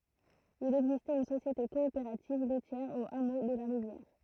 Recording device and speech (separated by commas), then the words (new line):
throat microphone, read sentence
Il existait une société coopérative laitière au hameau de la Rivière.